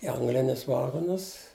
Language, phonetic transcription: Lithuanian, i ˈanglinius ˈvagonus

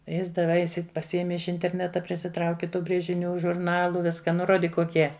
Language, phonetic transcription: Lithuanian, ˈjis daˈvai pasiˈėmi iš interˈneta prisiˈtrauki ˈtų brėžiˈnių žurˈnalu ˈviska ˈnu ˈrodyk koˈkie

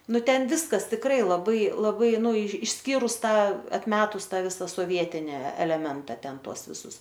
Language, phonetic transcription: Lithuanian, ˈnu ˈten ˈviskas tikˈrai laˈbai laˈbai ˈnu išˈskyrus ˈtą atˈmetus ˈtą ˈvisa soˈvietini eleˈmenta ˈten ˈtuos viˈsus

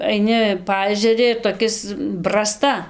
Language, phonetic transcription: Lithuanian, aiˈni ˈpaežeri ir toˈkis braˈsta

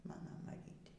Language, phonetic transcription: Lithuanian, ˈmano maˈrytė

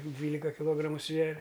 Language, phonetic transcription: Lithuanian, ˈdvylika kiˈlogramu ˈsveria

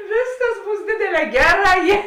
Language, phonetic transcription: Lithuanian, ˈvėsˌkas ˈbūs ˈdėdėˌlē ˈgeˌrā ˈjė

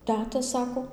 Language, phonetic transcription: Lithuanian, ˈteta ˈsako

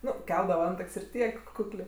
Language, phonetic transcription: Lithuanian, ˈnu ˈkeldava ˈantak's' ir ˈtiek ˈkuklė

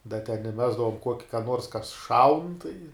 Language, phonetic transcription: Lithuanian, da ten iˈmesdavom ˈkuoki ka ˈnuors kas ˈšaun tai

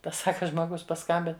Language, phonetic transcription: Lithuanian, ˈtas ˈsaka žmoˈgus paˈskambin

